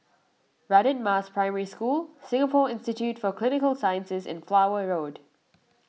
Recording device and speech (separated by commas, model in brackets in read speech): mobile phone (iPhone 6), read sentence